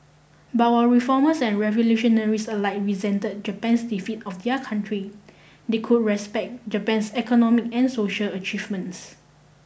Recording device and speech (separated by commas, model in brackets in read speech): boundary microphone (BM630), read sentence